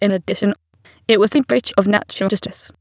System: TTS, waveform concatenation